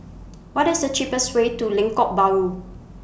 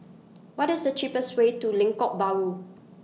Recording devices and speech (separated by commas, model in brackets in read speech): boundary microphone (BM630), mobile phone (iPhone 6), read sentence